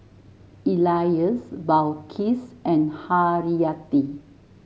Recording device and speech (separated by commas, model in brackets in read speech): mobile phone (Samsung S8), read sentence